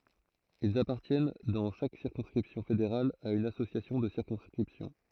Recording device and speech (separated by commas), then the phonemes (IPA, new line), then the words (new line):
throat microphone, read sentence
ilz apaʁtjɛn dɑ̃ ʃak siʁkɔ̃skʁipsjɔ̃ fedeʁal a yn asosjasjɔ̃ də siʁkɔ̃skʁipsjɔ̃
Ils appartiennent dans chaque circonscription fédérale à une association de circonscription.